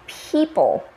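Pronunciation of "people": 'People' is said with the standard American pronunciation, with an aspirated p, a burst of air on the p sound.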